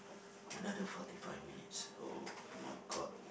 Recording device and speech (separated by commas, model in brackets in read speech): boundary microphone, conversation in the same room